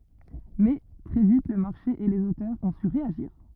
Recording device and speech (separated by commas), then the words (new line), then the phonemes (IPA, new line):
rigid in-ear microphone, read sentence
Mais, très vite le marché et les auteurs ont su réagir.
mɛ tʁɛ vit lə maʁʃe e lez otœʁz ɔ̃ sy ʁeaʒiʁ